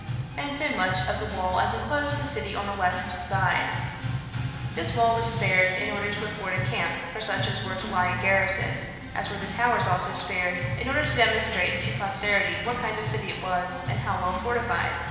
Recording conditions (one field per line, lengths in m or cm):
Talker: one person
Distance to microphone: 1.7 m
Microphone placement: close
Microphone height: 1.0 m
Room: very reverberant, large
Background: music